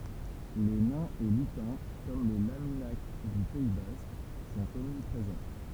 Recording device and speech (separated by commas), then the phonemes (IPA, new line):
temple vibration pickup, read sentence
le nɛ̃z e lytɛ̃ kɔm le laminak dy pɛi bask sɔ̃t ɔmnipʁezɑ̃